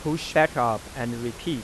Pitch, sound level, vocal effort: 120 Hz, 92 dB SPL, normal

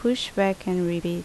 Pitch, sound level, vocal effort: 185 Hz, 78 dB SPL, normal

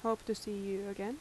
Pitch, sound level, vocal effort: 210 Hz, 80 dB SPL, soft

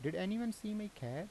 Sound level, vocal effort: 83 dB SPL, normal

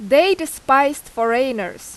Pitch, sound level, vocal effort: 270 Hz, 91 dB SPL, very loud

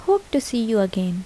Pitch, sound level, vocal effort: 230 Hz, 77 dB SPL, soft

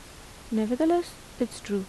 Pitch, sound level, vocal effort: 240 Hz, 79 dB SPL, soft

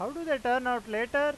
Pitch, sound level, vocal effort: 250 Hz, 98 dB SPL, loud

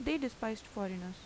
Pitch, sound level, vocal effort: 220 Hz, 81 dB SPL, normal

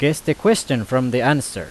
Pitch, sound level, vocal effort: 135 Hz, 90 dB SPL, very loud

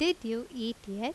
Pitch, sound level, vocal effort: 235 Hz, 85 dB SPL, loud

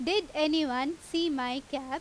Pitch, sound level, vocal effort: 305 Hz, 91 dB SPL, very loud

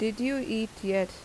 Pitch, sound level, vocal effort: 220 Hz, 84 dB SPL, soft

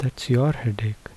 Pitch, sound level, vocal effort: 125 Hz, 72 dB SPL, soft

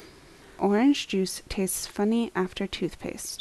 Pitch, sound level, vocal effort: 195 Hz, 73 dB SPL, soft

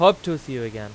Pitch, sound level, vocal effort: 135 Hz, 97 dB SPL, very loud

